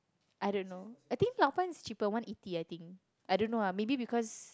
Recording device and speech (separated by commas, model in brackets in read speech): close-talking microphone, conversation in the same room